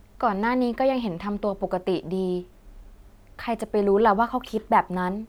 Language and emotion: Thai, sad